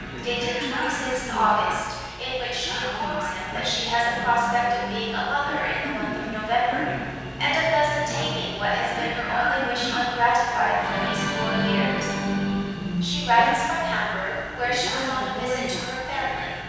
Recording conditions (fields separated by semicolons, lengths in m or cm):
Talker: one person; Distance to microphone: 7.1 m; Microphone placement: far; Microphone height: 1.7 m; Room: very reverberant, large; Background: television